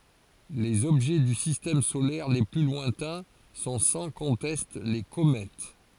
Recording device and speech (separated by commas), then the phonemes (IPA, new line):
forehead accelerometer, read sentence
lez ɔbʒɛ dy sistɛm solɛʁ le ply lwɛ̃tɛ̃ sɔ̃ sɑ̃ kɔ̃tɛst le komɛt